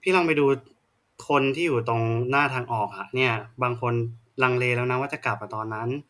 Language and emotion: Thai, frustrated